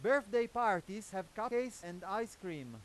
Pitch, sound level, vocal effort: 210 Hz, 100 dB SPL, very loud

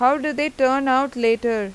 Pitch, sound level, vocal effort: 260 Hz, 92 dB SPL, normal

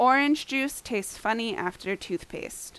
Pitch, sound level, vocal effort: 220 Hz, 86 dB SPL, loud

